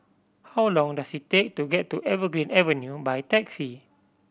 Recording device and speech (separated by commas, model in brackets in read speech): boundary microphone (BM630), read sentence